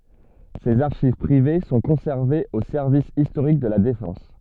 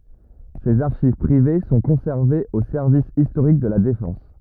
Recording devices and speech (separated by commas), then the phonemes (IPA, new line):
soft in-ear microphone, rigid in-ear microphone, read sentence
sez aʁʃiv pʁive sɔ̃ kɔ̃sɛʁvez o sɛʁvis istoʁik də la defɑ̃s